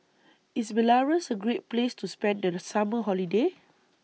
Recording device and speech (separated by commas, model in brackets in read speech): mobile phone (iPhone 6), read sentence